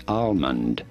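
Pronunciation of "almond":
'Almond' is pronounced incorrectly here, with the L sounded.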